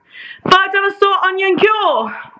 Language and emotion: English, surprised